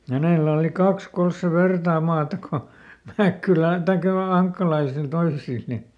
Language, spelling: Finnish, hänellä oli kaksi kolme sen vertaa maata kuin Mäkkylän tai noilla ankkalaisilla toisilla niin mm
- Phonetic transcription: ˈhänèlä oli ˈkaks ˈkols se "vertaa maata ko , ˈMäkkylän , "taikkᵃ noi"l ‿aŋkkalaisil ˈtoisil ni , m̥ .

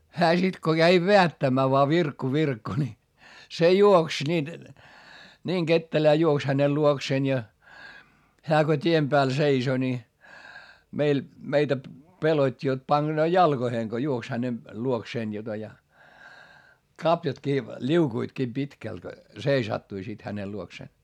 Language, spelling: Finnish, hän sitten kun kävi vedättämään vain Virkku Virkku niin se juoksi niin niin ketterään juoksi hänen luokseen ja hän kun tien päällä seisoi niin meillä meitä pelotti jotta pakenee jalkoihin kun juoksi hänen luokseen jota ja kaviotkin liukuivatkin pitkälti seisattui sitten hänen luokseen
- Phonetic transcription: hää sit ko käi veättämmää voa » Virkku Virkku » ni , se juoks niin , niiŋ Gettelää juoks hänel luokseen ja , hää ko t́iem pääl seiso ni , meil , meitä pelot́t́i jot paGenoo jalGoheeŋ Go juoks häne , luokseen jota ja , kapjatkii , ĺiukuitkii pitkält , seisattui sit hänel luoksèn .

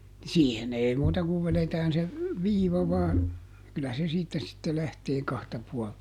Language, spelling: Finnish, siihen ei muuta kuin vedetään se viiva vain kyllä se siitä sitten lähtee kahta puolta
- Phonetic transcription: ˈsiihen ‿ei ˈmuuta kuv ˈveletään se , "viiva vaan , ˈkyllä se ˈsiittä sitte ˈlähtee ˈkahta ˈpuɔlta .

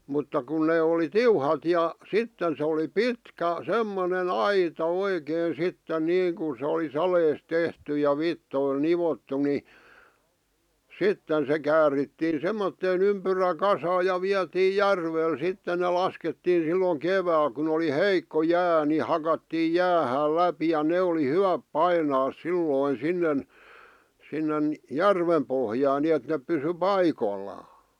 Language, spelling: Finnish, mutta kun ne oli tiuhat ja sitten se oli pitkä semmoinen aita oikein sitten niin kuin se oli saleesta tehty ja vitsoilla nivottu niin sitten se käärittiin semmoiseen ympyräkasaan ja vietiin järvelle sitten ne laskettiin silloin keväällä kun oli heikko jää niin hakattiin jäähän läpi ja ne oli hyvät painaa silloin sinne sinne järven pohjaan niin että ne pysyi paikoillaan
- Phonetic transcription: 'mutta kun nee oli "tiuhat ja , "sitten se oli "pitkä , "semmone"n ‿aita "oikeen̬ 'sitten "niiŋkun̬ sᵉ oli "salees 'tehty ja "vittoil "nivottu ni , "sitten se käärittiin 'semmotteen ‿ympyrä'kasaa ja 'viatii "järvel sitte ne 'laskettiin̬ silloŋ "kevääl kun ‿oli "heikko "jää ni 'hakattiij̆ "jäähääl "läpi ja 'ne oli "hyväp "painaas 'sillòⁱn̬ 'sinnen , 'sinnen , "järvem pohjaan 'ni₍et nep pysy "paikollaa .

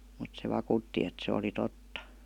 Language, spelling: Finnish, mutta se vakuutti että se oli totta
- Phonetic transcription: mut se 'vakùtti et se oli "totta .

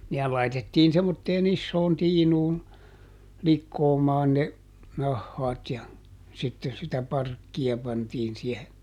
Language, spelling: Finnish, nehän laitettiin semmoiseen isoon tiinuun likoamaan ne nahat ja sitten sitä parkkia pantiin siihen
- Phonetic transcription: ˈnehäl laitettiin semmotteeˈn ‿issoon ˈtiinuun , ˈlikkoomaan ne , ˈnahhaat ja , sitten sitä ˈparkki₍a pantiin siehe .

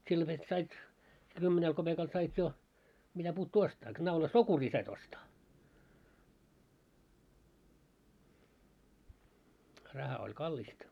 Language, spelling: Finnish, silloin vet sait se kymmenellä kopeekalla sait jo mitä puuttuu ostaa naula sokuria sait ostaa raha oli kallista
- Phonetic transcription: sillo vet 'sait , se 'kymmenel 'koʙekal sait 'jo , 'mitä'puuttuu "ostaa , k-naula "sokurii sait ostaa , 'raha oĺ "kallista .

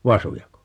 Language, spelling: Finnish, vasujako
- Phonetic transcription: 'vasujako ?

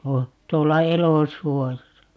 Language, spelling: Finnish, - tuolla elosuojassa
- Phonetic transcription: tuo- , 'tuolla "elosuojasa .

